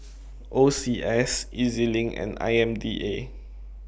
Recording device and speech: boundary microphone (BM630), read sentence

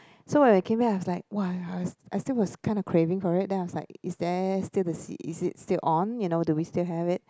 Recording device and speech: close-talking microphone, conversation in the same room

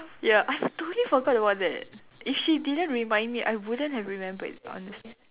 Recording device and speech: telephone, conversation in separate rooms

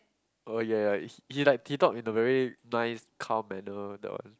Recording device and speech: close-talking microphone, conversation in the same room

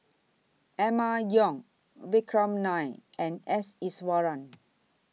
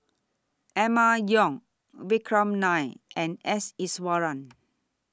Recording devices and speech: mobile phone (iPhone 6), standing microphone (AKG C214), read sentence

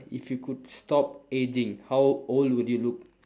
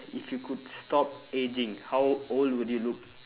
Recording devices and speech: standing microphone, telephone, conversation in separate rooms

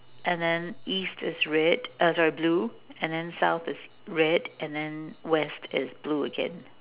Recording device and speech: telephone, conversation in separate rooms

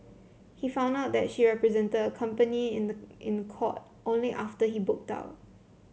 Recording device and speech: mobile phone (Samsung C7), read sentence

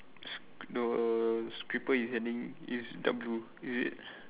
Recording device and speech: telephone, conversation in separate rooms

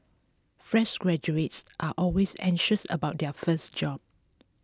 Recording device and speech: close-talking microphone (WH20), read sentence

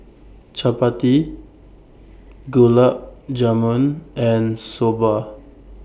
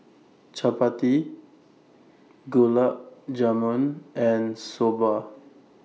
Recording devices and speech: boundary microphone (BM630), mobile phone (iPhone 6), read sentence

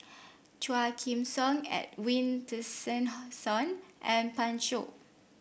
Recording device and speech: boundary microphone (BM630), read sentence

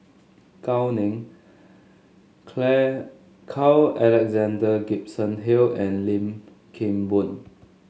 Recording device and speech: mobile phone (Samsung S8), read sentence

